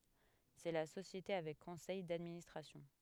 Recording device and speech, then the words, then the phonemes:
headset microphone, read sentence
C'est la société avec conseil d'administration.
sɛ la sosjete avɛk kɔ̃sɛj dadministʁasjɔ̃

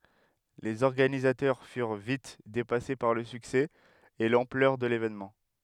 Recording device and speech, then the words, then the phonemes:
headset microphone, read sentence
Les organisateurs furent vite dépassés par le succès et l'ampleur de l'événement.
lez ɔʁɡanizatœʁ fyʁ vit depase paʁ lə syksɛ e lɑ̃plœʁ də levenmɑ̃

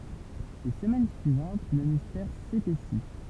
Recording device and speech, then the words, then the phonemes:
temple vibration pickup, read sentence
Les semaines suivantes, le mystère s'épaissit.
le səmɛn syivɑ̃t lə mistɛʁ sepɛsi

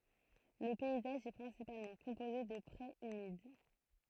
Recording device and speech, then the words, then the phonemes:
throat microphone, read sentence
Le paysage est principalement composé de prés humides.
lə pɛizaʒ ɛ pʁɛ̃sipalmɑ̃ kɔ̃poze də pʁez ymid

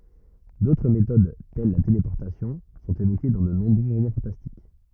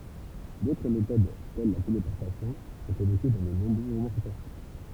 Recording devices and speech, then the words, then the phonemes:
rigid in-ear microphone, temple vibration pickup, read sentence
D'autres méthodes, telles la téléportation, sont évoquées dans de nombreux romans fantastiques.
dotʁ metod tɛl la telepɔʁtasjɔ̃ sɔ̃t evoke dɑ̃ də nɔ̃bʁø ʁomɑ̃ fɑ̃tastik

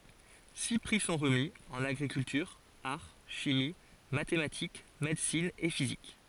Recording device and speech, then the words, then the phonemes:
forehead accelerometer, read sentence
Six prix sont remis, en agriculture, art, chimie, mathématiques, médecine et physique.
si pʁi sɔ̃ ʁəmi ɑ̃n aɡʁikyltyʁ aʁ ʃimi matematik medəsin e fizik

